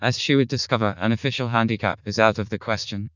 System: TTS, vocoder